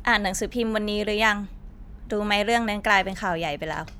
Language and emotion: Thai, neutral